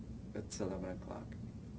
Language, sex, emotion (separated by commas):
English, male, neutral